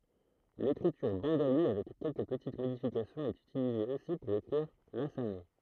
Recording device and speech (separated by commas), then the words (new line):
throat microphone, read sentence
L’écriture bengalie, avec quelques petites modifications, est utilisée aussi pour écrire l’assamais.